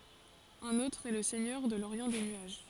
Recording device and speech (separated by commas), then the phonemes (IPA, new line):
forehead accelerometer, read sentence
œ̃n otʁ ɛ lə sɛɲœʁ də loʁjɑ̃ de nyaʒ